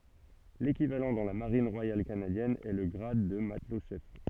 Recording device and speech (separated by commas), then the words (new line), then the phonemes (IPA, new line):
soft in-ear microphone, read sentence
L'équivalent dans la Marine royale canadienne est le grade de matelot-chef.
lekivalɑ̃ dɑ̃ la maʁin ʁwajal kanadjɛn ɛ lə ɡʁad də matlɔtʃɛf